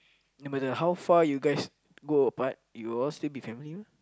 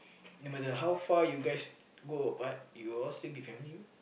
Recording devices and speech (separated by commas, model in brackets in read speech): close-talking microphone, boundary microphone, conversation in the same room